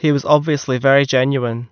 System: none